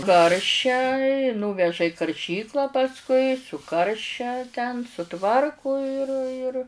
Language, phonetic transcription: Lithuanian, ˈkaršia i ˈnūveža i karˈšykla pasˈkui ˈkaršia ten suˈtvarku ir ir

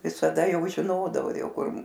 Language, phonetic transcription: Lithuanian, visaˈda ˈjau žiˈnodavo ˈjau ˈkur

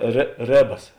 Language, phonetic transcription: Lithuanian, rė ˈrėbas

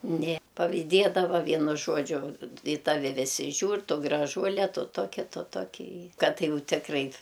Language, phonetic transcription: Lithuanian, nė pavyˈdėdava ˈvienu ˈžuodžiu i ˈtavi ˈvisi ˈžiūr ˈtu graˈžuole ˈtu ˈtoki ˈtu ˈtoki i ˈkad ˈjau ˈtikrai

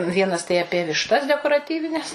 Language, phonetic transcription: Lithuanian, ˈvienas tai aˈpie višˈtas dekoraˈtyvines

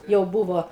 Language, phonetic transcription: Lithuanian, jau ˈbūvo

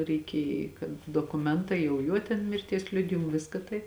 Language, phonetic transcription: Lithuanian, reiˈkėj kad dokuˈmentai jau ˈjuo ten mirˈties ˈliudijimu ˈviska tai

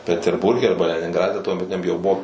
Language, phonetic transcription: Lithuanian, peterˈburge ˈarba leninˈgrade tuomeˈtiniam jau ˈbuvo

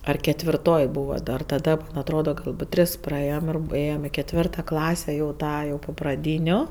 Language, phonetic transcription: Lithuanian, ar ketvirˈtoj ˈbūva dar taˈda man ˈatroda ˈgalbūt ˈtris praˈėjom ir b ˈėjom i ketˈvirta ˈklase jau ˈtą jau po praˈdyniu

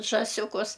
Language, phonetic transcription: Lithuanian, žąˈsiukus

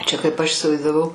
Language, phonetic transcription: Lithuanian, ˈčia kaip ˈaš isivaizdaˈvau

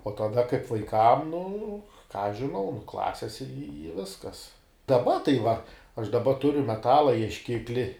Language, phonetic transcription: Lithuanian, o taˈda kaip vaiˈkam nu ką aš žiˈnau nu ˈklasis i ˈviskas daˈba tai va aš daˈba ˈturiu meˈtala iešˈkikli

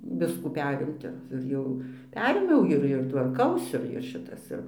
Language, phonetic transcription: Lithuanian, ˈviskų ˈperimti ir ˈjau ˈperėmiau ˈir ir tvarˈkausi ir ˈšitas ˈir

